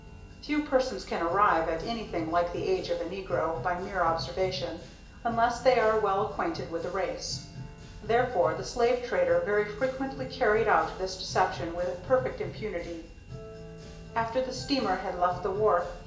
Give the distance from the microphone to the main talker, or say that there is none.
1.8 m.